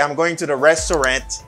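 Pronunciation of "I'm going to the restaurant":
'Restaurant' is pronounced incorrectly here: its last syllable sounds like 'rent' instead of 'rant'.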